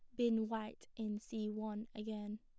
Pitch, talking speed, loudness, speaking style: 215 Hz, 165 wpm, -42 LUFS, plain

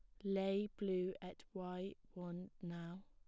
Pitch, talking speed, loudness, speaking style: 185 Hz, 130 wpm, -45 LUFS, plain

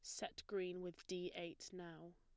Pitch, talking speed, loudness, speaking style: 180 Hz, 185 wpm, -49 LUFS, plain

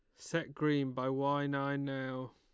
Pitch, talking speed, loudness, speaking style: 140 Hz, 170 wpm, -35 LUFS, Lombard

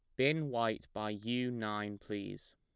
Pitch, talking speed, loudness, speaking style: 115 Hz, 155 wpm, -37 LUFS, plain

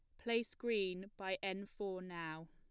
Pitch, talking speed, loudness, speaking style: 190 Hz, 155 wpm, -42 LUFS, plain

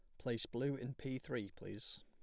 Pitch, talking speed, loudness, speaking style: 125 Hz, 195 wpm, -44 LUFS, plain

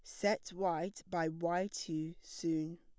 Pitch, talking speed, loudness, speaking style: 170 Hz, 140 wpm, -38 LUFS, plain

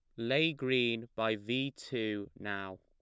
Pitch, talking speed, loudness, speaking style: 115 Hz, 140 wpm, -34 LUFS, plain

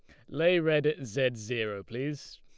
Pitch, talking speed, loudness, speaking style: 135 Hz, 175 wpm, -30 LUFS, Lombard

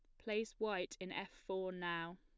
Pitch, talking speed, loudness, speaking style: 185 Hz, 185 wpm, -43 LUFS, plain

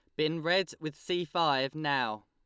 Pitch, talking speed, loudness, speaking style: 155 Hz, 175 wpm, -31 LUFS, Lombard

